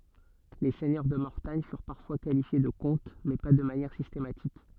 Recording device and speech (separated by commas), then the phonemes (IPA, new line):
soft in-ear microphone, read sentence
le sɛɲœʁ də mɔʁtaɲ fyʁ paʁfwa kalifje də kɔ̃t mɛ pa də manjɛʁ sistematik